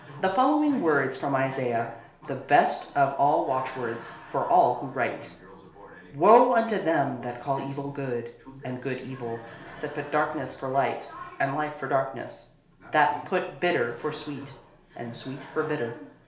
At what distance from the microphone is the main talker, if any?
1.0 m.